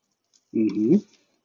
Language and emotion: Thai, neutral